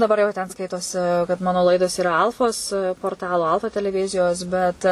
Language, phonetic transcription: Lithuanian, daˈbar jau ten ˈskaitosi kad ˈmano ˈlaidos yˈra ˈalfos porˈtalo ˈalfa teleˈvizijos bet

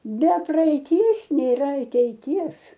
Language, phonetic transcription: Lithuanian, be praeiˈties nėˈra ateiˈties

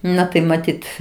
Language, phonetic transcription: Lithuanian, ˈna tai maˈtyt

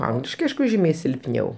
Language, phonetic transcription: Lithuanian, ˈangliškai ˈaišku ˈžymiai silpˈniau

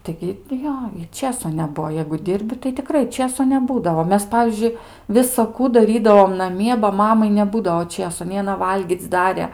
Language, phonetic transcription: Lithuanian, ˈtaigi ti ˈjo ˈčėso neˈbuo jeigu ˈdirbi tai tiˈkrai ˈčėso neˈbūdavo ˈmes ˈpavyzdžiui visaˈkų daˈrydavom naˈmie ba ˈmamai neˈbūdao ˈčėso nei aˈna ˈvalgyc' ˈdarė

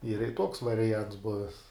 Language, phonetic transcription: Lithuanian, yra i toks variˈjants ˈbuves

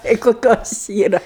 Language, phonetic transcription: Lithuanian, tai koˈkios ˈyra

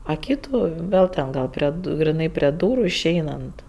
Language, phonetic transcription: Lithuanian, a ˈkytų ˈvėl ten ˈgal prie griˈnai prie ˈdūru išˈeinant

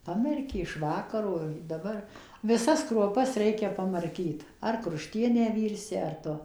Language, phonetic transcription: Lithuanian, ˈpamerki iš ˈvakaro daˈbar viˈsas kruoˈpas ˈreikia pamarˈkyt ar kruˈštienę ˈvyrsi ar ˈtu

